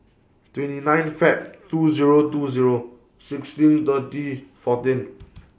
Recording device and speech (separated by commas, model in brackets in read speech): boundary microphone (BM630), read sentence